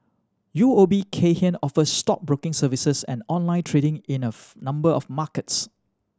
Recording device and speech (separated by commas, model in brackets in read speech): standing microphone (AKG C214), read sentence